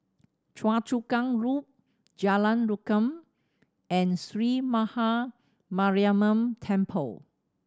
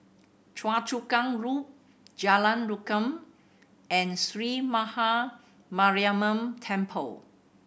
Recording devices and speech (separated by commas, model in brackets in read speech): standing microphone (AKG C214), boundary microphone (BM630), read sentence